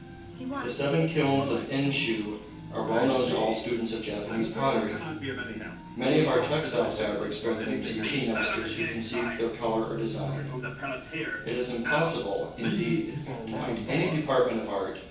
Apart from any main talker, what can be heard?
A television.